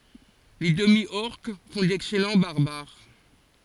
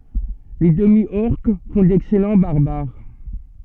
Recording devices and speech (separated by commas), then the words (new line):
forehead accelerometer, soft in-ear microphone, read sentence
Les Demi-Orques font d'excellent Barbares.